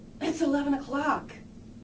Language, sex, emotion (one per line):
English
female
happy